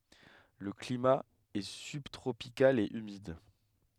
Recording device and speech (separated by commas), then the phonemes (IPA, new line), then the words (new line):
headset microphone, read sentence
lə klima ɛ sybtʁopikal e ymid
Le climat est subtropical et humide.